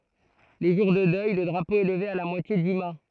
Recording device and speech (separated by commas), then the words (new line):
throat microphone, read sentence
Les jours de deuil, le drapeau est levé à la moitié du mât.